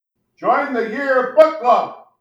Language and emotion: English, sad